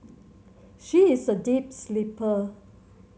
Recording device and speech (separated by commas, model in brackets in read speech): mobile phone (Samsung C7100), read sentence